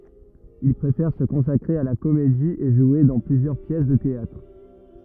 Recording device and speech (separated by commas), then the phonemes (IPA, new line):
rigid in-ear microphone, read sentence
il pʁefɛʁ sə kɔ̃sakʁe a la komedi e ʒwe dɑ̃ plyzjœʁ pjɛs də teatʁ